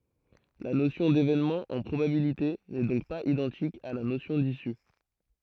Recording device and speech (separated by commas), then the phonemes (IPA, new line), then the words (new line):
throat microphone, read sentence
la nosjɔ̃ devenmɑ̃ ɑ̃ pʁobabilite nɛ dɔ̃k paz idɑ̃tik a la nosjɔ̃ disy
La notion d'événement en probabilités n'est donc pas identique à la notion d'issue.